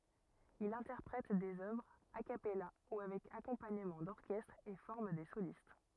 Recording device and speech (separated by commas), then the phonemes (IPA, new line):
rigid in-ear microphone, read sentence
il ɛ̃tɛʁpʁɛt dez œvʁz a kapɛla u avɛk akɔ̃paɲəmɑ̃ dɔʁkɛstʁ e fɔʁm de solist